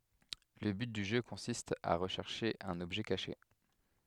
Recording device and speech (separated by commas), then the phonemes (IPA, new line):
headset microphone, read sentence
lə byt dy ʒø kɔ̃sist a ʁəʃɛʁʃe œ̃n ɔbʒɛ kaʃe